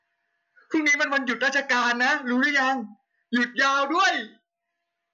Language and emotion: Thai, happy